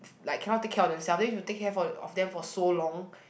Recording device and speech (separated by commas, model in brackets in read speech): boundary microphone, conversation in the same room